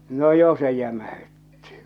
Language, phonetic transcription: Finnish, no "jo se jämähyttɪ !
- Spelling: no jo se jämäytti

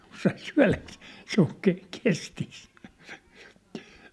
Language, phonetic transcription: Finnish, kun sai "syä̭läksᴇᴇ , se ‿ol ke- , 'kestis !
- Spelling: kun sai syödäkseen se oli - kestissä

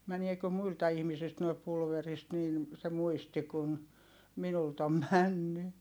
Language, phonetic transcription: Finnish, mäniekö muilta ihmisilt noi pulverist nin , se muisti kun , minult ‿om männy .
- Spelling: meneekö muilta ihmisiltä nuo pulverista niin se muisti kun minulta on mennyt

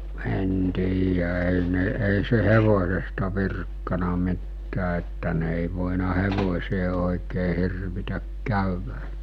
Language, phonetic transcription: Finnish, en tiijä èi ne èi se 'hevosesta 'virkkana mittää että ne èi vòina 'hevos̜ee òekee 'hirvitäk 'kä̀yvä .
- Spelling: en tiedä ei ne ei se hevosesta virkkanut mitään että ne ei voinut hevoseen oikein hirvitä käydä

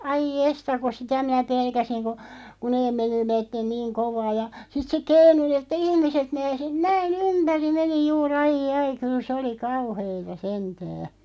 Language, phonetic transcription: Finnish, 'aiʲ "jesta ko "sitä minä 'pelkäsiŋ ko , ku 'neeᵐ (menivätten) 'niiŋ 'kovaa ja , sit se "keinu ni että 'ihmiset (meinasi) 'näi"n ‿ympäri 'meni 'juu'r ‿ai'jai 'kyl se oli "kauheeta 'sentää .
- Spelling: ai jestas kun sitä minä pelkäsin kun kun ne menivät niin kovaa ja sitten se keinui niin että ihmiset meinasi näin ympäri meni juuri ai ai kyllä se oli kauheata sentään

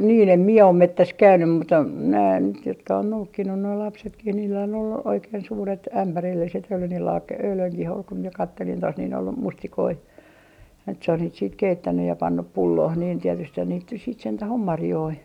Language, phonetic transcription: Finnish, nii'n ‿em mie om "mettäs 'käynym mutta , nää nyt jotka on 'noukkinnu noi lapsetkih niillä on ollu 'oikeen 'suuret "ämpärilliset ja oli niil laak - 'öylöŋkih ‿ol ku mie 'kattelin tos nin ‿ol "mustikoi , ja nyt se on niit siit 'keittänny ja 'pannup "pullooh niin 'tietysthän niit nys siit 'sentäh om "marjoi .
- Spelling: niin en minä ole metsässä käynyt mutta nämä nyt jotka on noukkinut nuo lapsetkin niillä on ollut oikein suuret ämpärilliset ja oli niillä - eilenkin oli kun minä katselin tuossa niin oli mustikoita ja nyt se on niitä sitten keittänyt ja pannut pulloon niin tietystihän niitä nyt sitten sentään on marjoja

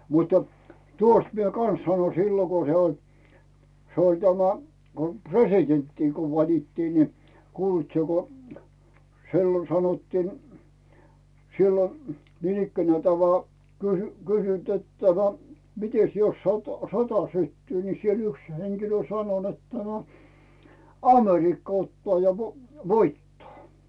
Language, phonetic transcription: Finnish, mut̀ᴀ , 'tuost mie "kan̬s sano 'sillo ko se oĺ , se oĺ tämä , ko "p̳resitenttii koo 'valittii ni , kuulit sie ko , 'si̬llon sanottiin , 'sillon̬ , niinikkänää teä̀ ov voa , kysy- , kysynt et tämä , » 'mites jos 'sot- , "sota syttyy ? « ni siel ‿'yks heŋkilö 'sano nettä » no , 'Amerikka ottᵒà ja 'vo- , "voittaa « .
- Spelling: mutta tuosta minä kanssa sanoin silloin kun se oli se oli tämä kun presidenttiä kun valittiin niin kuulitko sinä kun silloin sanottiin silloin niinikään tämä on vain - kysynyt että tämä mitenkäs jos - sota syttyy niin siellä yksi henkilö sanoi niin että no Amerikka ottaa ja - voittaa

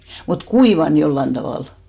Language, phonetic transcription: Finnish, mut "kuivan 'jollan tavàl .
- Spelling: mutta kuivanut jollakin tavalla

